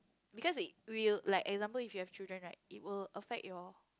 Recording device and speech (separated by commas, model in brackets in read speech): close-talking microphone, conversation in the same room